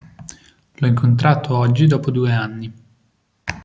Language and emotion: Italian, neutral